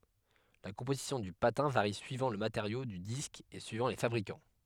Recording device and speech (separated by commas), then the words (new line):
headset microphone, read sentence
La composition du patin varie suivant le matériau du disque et suivant les fabricants.